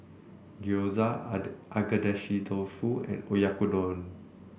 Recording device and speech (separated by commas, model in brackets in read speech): boundary microphone (BM630), read sentence